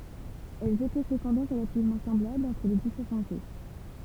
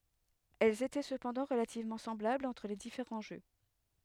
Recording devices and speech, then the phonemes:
temple vibration pickup, headset microphone, read sentence
ɛlz etɛ səpɑ̃dɑ̃ ʁəlativmɑ̃ sɑ̃blablz ɑ̃tʁ le difeʁɑ̃ ʒø

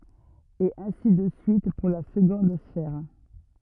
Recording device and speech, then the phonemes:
rigid in-ear microphone, read sentence
e ɛ̃si də syit puʁ la səɡɔ̃d sfɛʁ

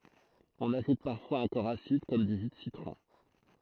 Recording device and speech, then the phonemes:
throat microphone, read sentence
ɔ̃n aʒut paʁfwaz œ̃ kɔʁ asid kɔm dy ʒy də sitʁɔ̃

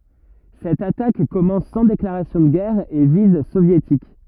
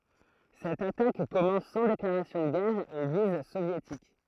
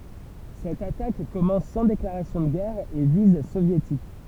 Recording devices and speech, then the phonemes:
rigid in-ear microphone, throat microphone, temple vibration pickup, read sentence
sɛt atak kɔmɑ̃s sɑ̃ deklaʁasjɔ̃ də ɡɛʁ a e viz sovjetik

